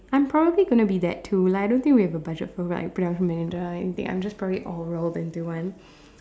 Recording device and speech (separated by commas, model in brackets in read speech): standing microphone, conversation in separate rooms